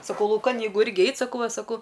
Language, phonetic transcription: Lithuanian, saˈkau lauˈkan jeiˈgu ˈirgi ˈeit saˈkau ˈva saˈkau

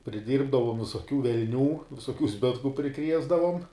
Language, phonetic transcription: Lithuanian, priˈdyrbdavom visoˈkių velˈnių visoˈkių ˈzbitku priˈkriesdavom

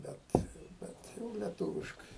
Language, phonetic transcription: Lithuanian, ˈbet ˈbet jau leˈtūviškai

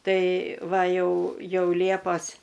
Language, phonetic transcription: Lithuanian, ˈtai ˈva ˈjau ˈjau ˈliepas

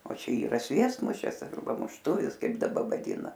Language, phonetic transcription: Lithuanian, o ˈčia yˈra ˈsviestmušis arˈba mušˈtuvis ˈkaip daˈba vaˈdyna

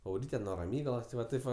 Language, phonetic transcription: Lithuanian, auˈryte nuo raˈmygalos ti ˈva ˈtaip va

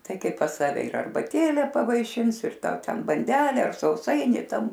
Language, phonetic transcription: Lithuanian, ˈtai ˈkai pas ˈsave ir arbaˈtėle pavaiˈšins ir ˈtau ˈten banˈdele ˈar sauˈsaini ˈtam

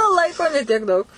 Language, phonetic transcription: Lithuanian, ˈlaiko ne tiek ˈdaug

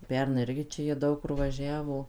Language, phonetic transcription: Lithuanian, ˈpernai ˈirgi ˈčia jie ˈdaug kur vaˈžiavo

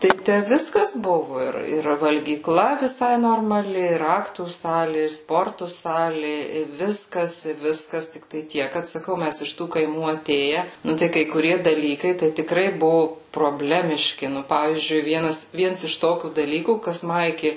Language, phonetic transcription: Lithuanian, tai ˈtæ ˈviskas ˈbuvu ˈir ir valgyˈkla viˈsai normaˈli ir ˈaktų ˈsali ir ˈsportu ˈsali i ˈviskas i ˈviskas tikˈtai ˈtiek kad saˈkau ˈmæs iš ˈtų kaiˈmų aˈtėje ˈnu tai kai kuˈrie daˈlykai tai tiˈkrai ˈbuvu proˈblemiški ˈnu ˈpavyzdžiui ˈvienas ˈviens iš ˈtokių daˈlykų kas ˈma iki

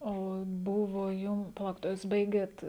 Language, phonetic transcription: Lithuanian, ˈo ˈbuvo ˈjum paˈlaukit o jūs ˈbaigėt

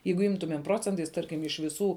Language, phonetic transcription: Lithuanian, ˈjeigu ˈimtumėm ˈprocentais ˈtarkim iš viˈsų

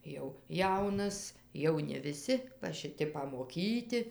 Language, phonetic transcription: Lithuanian, jau ˈjaunas jau ne viˈsi va šiˈti pamoˈkyti

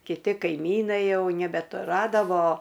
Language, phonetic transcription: Lithuanian, kiˈti kaiˈmynai ˈjau nebetuˈradavo

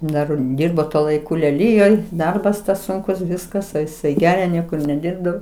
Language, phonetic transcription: Lithuanian, ˈdar ˈdyrbo tuo laiˈku leˈlyjoj ˈdarbas ˈsunkus ˈviskas a iˈsai ˈgeria ˈniekur neˈdirbdavo

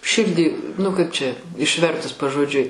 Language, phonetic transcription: Lithuanian, ˈširdį nu kaip čia išˈvertus pažoˈdžiui

